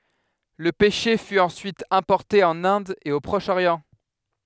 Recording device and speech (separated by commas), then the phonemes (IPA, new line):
headset microphone, read sentence
lə pɛʃe fy ɑ̃syit ɛ̃pɔʁte ɑ̃n ɛ̃d e o pʁɔʃ oʁjɑ̃